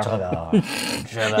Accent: French accent